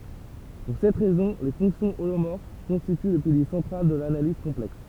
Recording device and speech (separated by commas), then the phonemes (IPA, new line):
temple vibration pickup, read sentence
puʁ sɛt ʁɛzɔ̃ le fɔ̃ksjɔ̃ olomɔʁf kɔ̃stity lə pilje sɑ̃tʁal də lanaliz kɔ̃plɛks